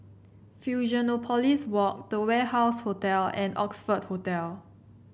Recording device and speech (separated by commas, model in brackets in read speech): boundary microphone (BM630), read sentence